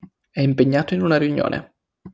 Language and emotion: Italian, neutral